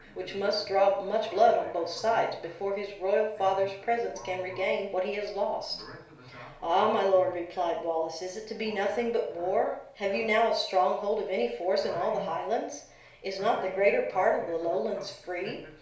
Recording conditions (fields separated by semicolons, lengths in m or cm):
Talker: one person; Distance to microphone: 1.0 m; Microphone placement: close; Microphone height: 1.1 m; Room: small (3.7 m by 2.7 m); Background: television